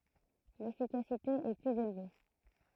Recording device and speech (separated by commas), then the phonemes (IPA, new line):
throat microphone, read sentence
lefikasite ɛ plyz elve